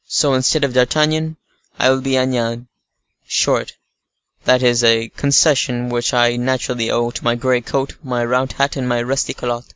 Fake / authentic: authentic